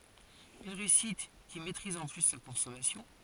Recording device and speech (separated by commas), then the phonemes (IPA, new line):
forehead accelerometer, read sentence
yn ʁeysit ki mɛtʁiz ɑ̃ ply sa kɔ̃sɔmasjɔ̃